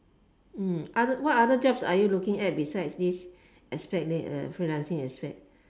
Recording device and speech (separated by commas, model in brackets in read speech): standing microphone, conversation in separate rooms